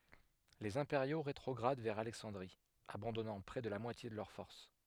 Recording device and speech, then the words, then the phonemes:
headset microphone, read sentence
Les Impériaux rétrogradent vers Alexandrie, abandonnant près de la moitié de leurs forces.
lez ɛ̃peʁjo ʁetʁɔɡʁad vɛʁ alɛksɑ̃dʁi abɑ̃dɔnɑ̃ pʁɛ də la mwatje də lœʁ fɔʁs

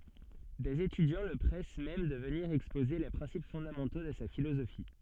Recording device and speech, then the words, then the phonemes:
soft in-ear microphone, read sentence
Des étudiants le pressent même de venir exposer les principes fondamentaux de sa philosophie.
dez etydjɑ̃ lə pʁɛs mɛm də vəniʁ ɛkspoze le pʁɛ̃sip fɔ̃damɑ̃to də sa filozofi

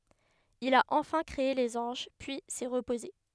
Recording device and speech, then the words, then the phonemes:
headset microphone, read sentence
Il a enfin créé les anges, puis s'est reposé.
il a ɑ̃fɛ̃ kʁee lez ɑ̃ʒ pyi sɛ ʁəpoze

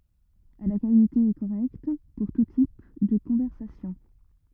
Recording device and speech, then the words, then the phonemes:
rigid in-ear microphone, read sentence
À la qualité est correcte pour tout type de conversation.
a la kalite ɛ koʁɛkt puʁ tu tip də kɔ̃vɛʁsasjɔ̃

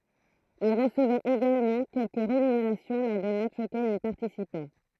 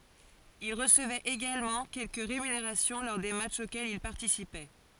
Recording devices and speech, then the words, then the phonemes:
throat microphone, forehead accelerometer, read sentence
Il recevait également quelques rémunérations lors des matchs auxquels il participait.
il ʁəsəvɛt eɡalmɑ̃ kɛlkə ʁemyneʁasjɔ̃ lɔʁ de matʃz okɛlz il paʁtisipɛ

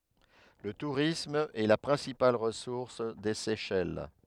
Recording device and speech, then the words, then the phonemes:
headset microphone, read sentence
Le tourisme est la principale ressource des Seychelles.
lə tuʁism ɛ la pʁɛ̃sipal ʁəsuʁs de sɛʃɛl

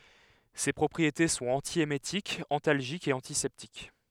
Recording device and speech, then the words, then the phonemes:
headset microphone, read sentence
Ses propriétés sont antiémétiques, antalgiques et antiseptiques.
se pʁɔpʁiete sɔ̃t ɑ̃tjemetikz ɑ̃talʒikz e ɑ̃tisɛptik

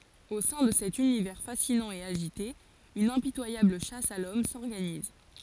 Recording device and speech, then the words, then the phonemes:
forehead accelerometer, read sentence
Au sein de cet univers fascinant et agité, une impitoyable chasse à l'homme s'organise.
o sɛ̃ də sɛt ynivɛʁ fasinɑ̃ e aʒite yn ɛ̃pitwajabl ʃas a lɔm sɔʁɡaniz

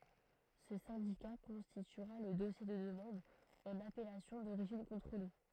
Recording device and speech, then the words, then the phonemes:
throat microphone, read sentence
Ce syndicat constituera le dossier de demande en appellation d'origine contrôlée.
sə sɛ̃dika kɔ̃stityʁa lə dɔsje də dəmɑ̃d ɑ̃n apɛlasjɔ̃ doʁiʒin kɔ̃tʁole

